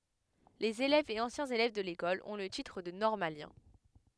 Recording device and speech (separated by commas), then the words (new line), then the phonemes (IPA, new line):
headset microphone, read sentence
Les élèves et anciens élèves de l'École ont le titre de normalien.
lez elɛvz e ɑ̃sjɛ̃z elɛv də lekɔl ɔ̃ lə titʁ də nɔʁmaljɛ̃